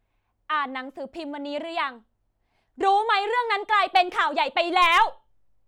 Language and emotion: Thai, angry